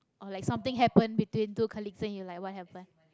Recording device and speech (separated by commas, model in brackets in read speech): close-talking microphone, conversation in the same room